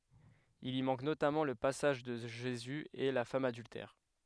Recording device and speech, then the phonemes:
headset microphone, read sentence
il i mɑ̃k notamɑ̃ lə pasaʒ də ʒezy e la fam adyltɛʁ

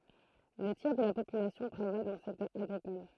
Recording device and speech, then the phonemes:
throat microphone, read sentence
lə tjɛʁ də la popylasjɔ̃ tʁavaj dɑ̃ lə sɛktœʁ aɡʁikɔl

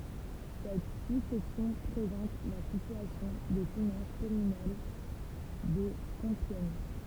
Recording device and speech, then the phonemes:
temple vibration pickup, read sentence
sɛt su sɛksjɔ̃ pʁezɑ̃t la sityasjɔ̃ de finɑ̃s kɔmynal də kɔ̃pjɛɲ

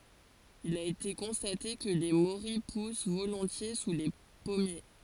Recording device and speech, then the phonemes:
forehead accelerometer, read sentence
il a ete kɔ̃state kə le moʁij pus volɔ̃tje su le pɔmje

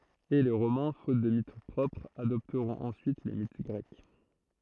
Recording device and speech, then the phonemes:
throat microphone, read sentence
e le ʁomɛ̃ fot də mit pʁɔpʁz adɔptʁɔ̃t ɑ̃syit le mit ɡʁɛk

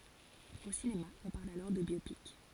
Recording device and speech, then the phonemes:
forehead accelerometer, read sentence
o sinema ɔ̃ paʁl alɔʁ də bjopik

